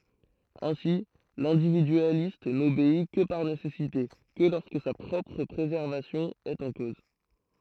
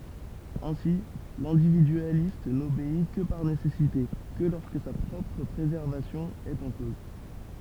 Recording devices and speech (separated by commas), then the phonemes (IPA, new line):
throat microphone, temple vibration pickup, read sentence
ɛ̃si lɛ̃dividyalist nobei kə paʁ nesɛsite kə lɔʁskə sa pʁɔpʁ pʁezɛʁvasjɔ̃ ɛt ɑ̃ koz